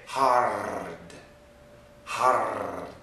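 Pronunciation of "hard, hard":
'Hard' is pronounced incorrectly here, with the tongue vibrating.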